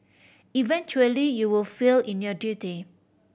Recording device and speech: boundary microphone (BM630), read sentence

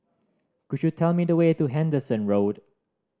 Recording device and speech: standing microphone (AKG C214), read sentence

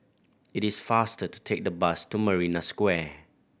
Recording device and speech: boundary microphone (BM630), read sentence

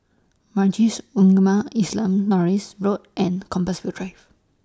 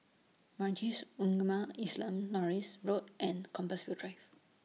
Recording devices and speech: standing microphone (AKG C214), mobile phone (iPhone 6), read sentence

